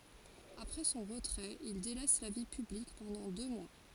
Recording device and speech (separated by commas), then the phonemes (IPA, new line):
forehead accelerometer, read sentence
apʁɛ sɔ̃ ʁətʁɛt il delɛs la vi pyblik pɑ̃dɑ̃ dø mwa